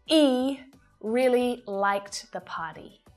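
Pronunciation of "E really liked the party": The h sound of 'he' is dropped at the start of the sentence, so it begins 'e really liked the party'. This is pronounced incorrectly, because the h should be pronounced.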